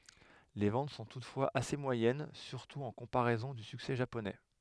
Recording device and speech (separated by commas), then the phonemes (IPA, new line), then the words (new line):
headset microphone, read sentence
le vɑ̃t sɔ̃ tutfwaz ase mwajɛn syʁtu ɑ̃ kɔ̃paʁɛzɔ̃ dy syksɛ ʒaponɛ
Les ventes sont toutefois assez moyennes, surtout en comparaison du succès japonais.